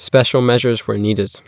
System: none